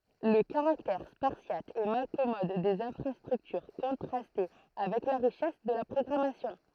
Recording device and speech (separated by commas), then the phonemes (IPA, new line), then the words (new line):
throat microphone, read sentence
lə kaʁaktɛʁ spaʁsjat e malkɔmɔd dez ɛ̃fʁastʁyktyʁ kɔ̃tʁastɛ avɛk la ʁiʃɛs də la pʁɔɡʁamasjɔ̃
Le caractère spartiate et malcommode des infrastructures contrastait avec la richesse de la programmation.